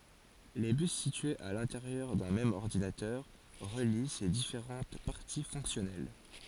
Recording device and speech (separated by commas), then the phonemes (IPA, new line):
forehead accelerometer, read sentence
le bys sityez a lɛ̃teʁjœʁ dœ̃ mɛm ɔʁdinatœʁ ʁəli se difeʁɑ̃t paʁti fɔ̃ksjɔnɛl